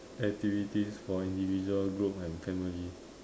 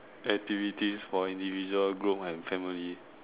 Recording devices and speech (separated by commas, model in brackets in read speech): standing microphone, telephone, conversation in separate rooms